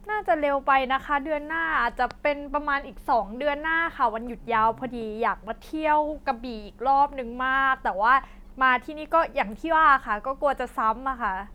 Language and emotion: Thai, neutral